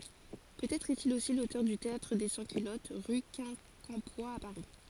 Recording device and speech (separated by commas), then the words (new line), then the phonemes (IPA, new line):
forehead accelerometer, read sentence
Peut-être est-il aussi l'auteur du Théâtre des Sans-Culottes, rue Quincampoix à Paris.
pøtɛtʁ ɛstil osi lotœʁ dy teatʁ de sɑ̃skylɔt ʁy kɛ̃kɑ̃pwa a paʁi